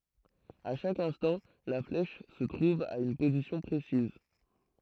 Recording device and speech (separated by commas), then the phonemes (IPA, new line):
throat microphone, read sentence
a ʃak ɛ̃stɑ̃ la flɛʃ sə tʁuv a yn pozisjɔ̃ pʁesiz